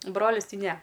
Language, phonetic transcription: Lithuanian, ˈbrolis ˈtai ˈne

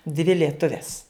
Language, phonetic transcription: Lithuanian, dvi lieˈtuves

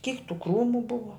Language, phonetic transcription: Lithuanian, kyk tų ˈkrūmu ˈbuva

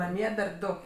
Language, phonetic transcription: Lithuanian, naˈmie dar ˈdu

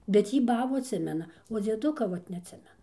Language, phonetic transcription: Lithuanian, bet ˈjy ˈbabų atˈsimena o dzieˈduka ˈvat neatˈsimena

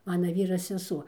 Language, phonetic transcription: Lithuanian, ˈmana ˈvyra seˈsuo

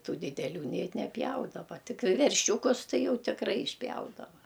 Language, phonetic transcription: Lithuanian, ˈtų dideˈlių nei neˈpjaudava ˈtik verˈšiūkus ˈtai ˈjau tikˈrai išˈpjaudava

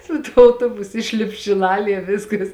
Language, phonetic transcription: Lithuanian, su ˈtuo auˈtobusu ˈišlip šiˈlalie ˈviskas

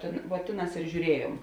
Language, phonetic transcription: Lithuanian, tėn vuo ˈtėˌnās ir žiūˈriejuom

